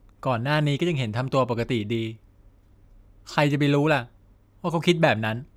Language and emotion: Thai, neutral